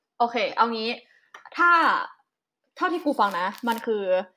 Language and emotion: Thai, neutral